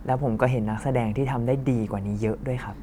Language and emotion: Thai, neutral